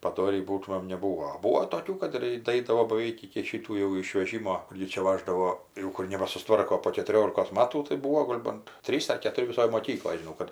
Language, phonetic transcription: Lithuanian, paˈdorį ˈbūtumėm neˈbūo ˈbūo toˈkių ˈkad ir daˈaidavo baˈveik iki ˈšytų jau išveˈžimo ˈgi čia ˈvaždavo ˈjau ˈkur nebasusˈtvarko po ketuˈriolikos ˈmatų tai ˈbūvo ˈgol' bant ˈtrys ar ketuˈri viˈsoj moˈkykloj žiˈnau kad

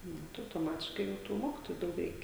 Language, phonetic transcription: Lithuanian, ˈnu tai autoˈmatiškai ˈjau tų ˈmokitoju ˈdaug ˈreikia

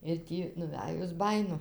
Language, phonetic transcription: Lithuanian, ir ˈtį nuˈvæjus ˈbajinu

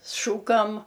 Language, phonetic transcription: Lithuanian, ˈšūkam

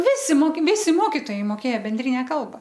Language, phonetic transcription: Lithuanian, ˈvisi ˈmoki ˈvisi ˈmokitojai moˈkėja benˈdrine ˈkalba

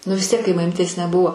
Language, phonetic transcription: Lithuanian, nu vis ˈtiek kai maˈmytės neˈbuvo

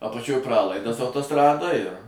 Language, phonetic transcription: Lithuanian, apaˈčioj ˈpralaidas autoˈstradoj ir

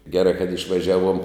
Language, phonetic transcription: Lithuanian, geˈrai kad išvaˈžiaˌvuom

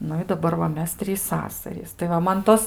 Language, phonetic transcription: Lithuanian, ˈnu i daˈbar va ˈmes ˈtrys ˈsasarys tai ˈva ˈman ˈtos

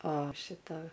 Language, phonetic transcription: Lithuanian, o ˈšita

